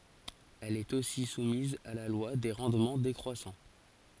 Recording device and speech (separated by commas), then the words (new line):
forehead accelerometer, read sentence
Elle est aussi soumise à la loi des rendements décroissants.